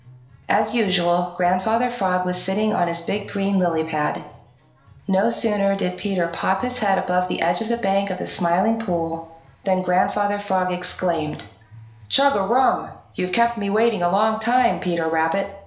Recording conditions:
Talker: one person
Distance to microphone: 1.0 m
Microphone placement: close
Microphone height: 1.1 m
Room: small (3.7 m by 2.7 m)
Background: music

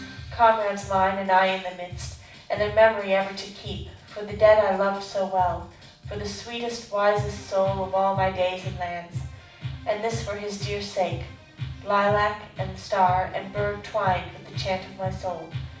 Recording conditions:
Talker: one person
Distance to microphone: 5.8 m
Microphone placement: far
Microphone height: 1.8 m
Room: medium-sized (5.7 m by 4.0 m)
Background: music

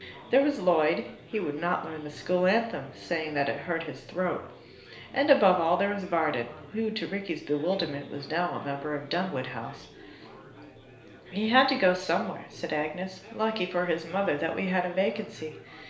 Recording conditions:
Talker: one person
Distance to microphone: 1.0 m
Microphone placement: close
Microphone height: 1.1 m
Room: small (3.7 m by 2.7 m)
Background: babble

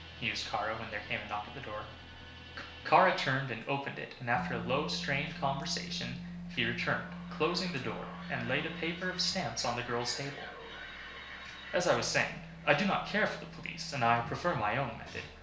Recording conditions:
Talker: one person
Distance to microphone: 1.0 m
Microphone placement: close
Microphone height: 1.1 m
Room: small (3.7 m by 2.7 m)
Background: music

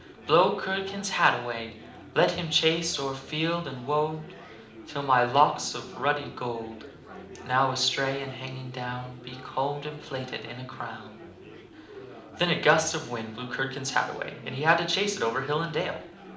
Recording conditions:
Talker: one person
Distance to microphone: 2.0 m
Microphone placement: close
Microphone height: 99 cm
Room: medium-sized (5.7 m by 4.0 m)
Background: babble

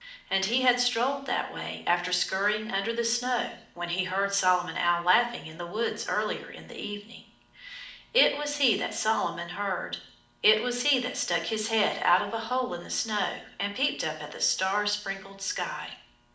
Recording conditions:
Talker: one person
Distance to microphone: 2.0 m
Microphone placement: close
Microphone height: 99 cm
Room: medium-sized (5.7 m by 4.0 m)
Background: none

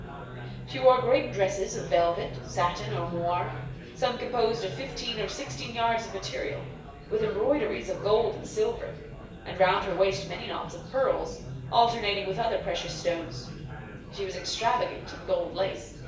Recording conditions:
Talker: one person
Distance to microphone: 1.8 m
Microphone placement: close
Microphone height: 1.0 m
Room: large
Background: babble

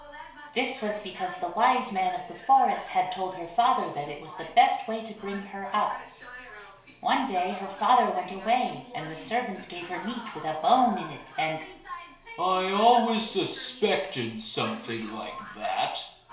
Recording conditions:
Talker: one person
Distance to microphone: 1.0 m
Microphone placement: close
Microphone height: 1.1 m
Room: small (3.7 m by 2.7 m)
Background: television

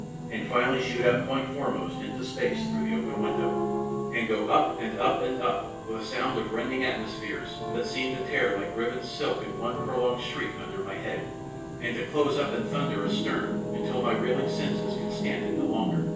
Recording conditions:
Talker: one person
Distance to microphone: 9.8 m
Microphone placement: far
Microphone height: 1.8 m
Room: large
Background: television

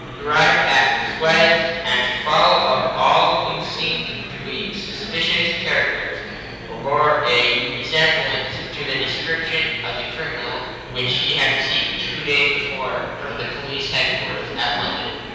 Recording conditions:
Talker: one person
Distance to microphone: 7.1 m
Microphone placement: far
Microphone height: 1.7 m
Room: very reverberant, large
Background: babble

